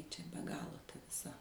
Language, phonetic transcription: Lithuanian, ˈčia be ˈgalo ta viˈsa

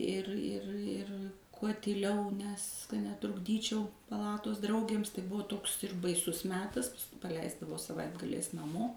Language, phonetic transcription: Lithuanian, ˈir ˈir ˈir kuo tyˈliau nes ka netrukˈdyčiau paˈlatos ˈdraugėms tai ˈbuvo ˈtoks ir baiˈsus ˈmetas paˈleisdavo saˈvaitgaliais naˈmo

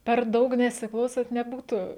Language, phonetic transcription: Lithuanian, per ˈdaug nesiˈklausant neˈbūtu

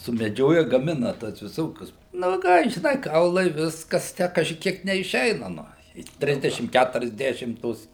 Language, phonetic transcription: Lithuanian, sumeˈdžioja gaˈmina tas viˈsokius nu ˈką žiˈnai ˈkaulai ˈviskas ˈtę kažiˈkiek neišˈeina ˈnu i ˈtrisdešim kæturiasˈdešim ˈtos

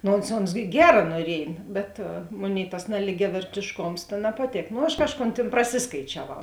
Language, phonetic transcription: Lithuanian, ˈno ons ons ˈgera nuoˈriej bet ˈmoˌnėi tas naligiavertėšˈkoms ta napaˈtėk no ˈaš ˈkažˌkon ˈtėn praˈsiskaičiaˌvau

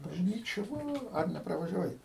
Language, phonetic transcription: Lithuanian, bažˈnyčia ˈva ar nepravažiaˈvai

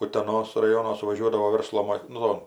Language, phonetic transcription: Lithuanian, uteˈnos raˈjono suvaˈžiuodavo ˈverslo mo ˈnu

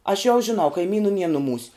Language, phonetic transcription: Lithuanian, aš jau žiˈnau kaiˈmynų nie nuˈmūs'

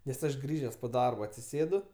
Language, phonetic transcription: Lithuanian, nes ˈaš ˈgrįžes po ˈdarbo atsiˈsėdu

